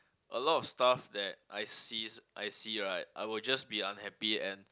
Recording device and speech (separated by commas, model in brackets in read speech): close-talking microphone, conversation in the same room